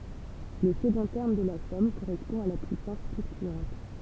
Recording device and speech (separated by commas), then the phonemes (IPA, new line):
temple vibration pickup, read sentence
lə səɡɔ̃ tɛʁm də la sɔm koʁɛspɔ̃ a la pyisɑ̃s flyktyɑ̃t